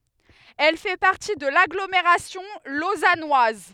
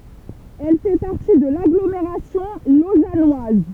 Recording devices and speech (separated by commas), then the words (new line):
headset microphone, temple vibration pickup, read sentence
Elle fait partie de l'agglomération lausannoise.